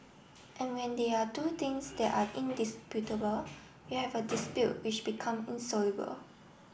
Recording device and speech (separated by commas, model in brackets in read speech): boundary microphone (BM630), read sentence